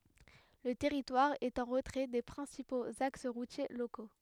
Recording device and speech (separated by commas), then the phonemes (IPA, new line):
headset microphone, read sentence
lə tɛʁitwaʁ ɛt ɑ̃ ʁətʁɛ de pʁɛ̃sipoz aks ʁutje loko